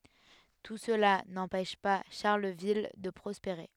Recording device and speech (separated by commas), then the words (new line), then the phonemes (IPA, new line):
headset microphone, read sentence
Tout cela n'empêche pas Charleville de prospérer.
tu səla nɑ̃pɛʃ pa ʃaʁləvil də pʁɔspeʁe